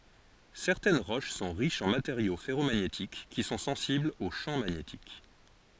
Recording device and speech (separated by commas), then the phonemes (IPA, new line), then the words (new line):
forehead accelerometer, read sentence
sɛʁtɛn ʁoʃ sɔ̃ ʁiʃz ɑ̃ mateʁjo fɛʁomaɲetik ki sɔ̃ sɑ̃siblz o ʃɑ̃ maɲetik
Certaines roches sont riches en matériaux ferromagnétiques, qui sont sensibles au champ magnétique.